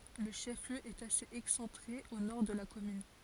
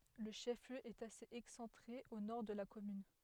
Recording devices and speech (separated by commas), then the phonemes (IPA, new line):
forehead accelerometer, headset microphone, read sentence
lə ʃɛf ljø ɛt asez ɛksɑ̃tʁe o nɔʁ də la kɔmyn